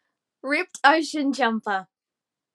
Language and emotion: English, happy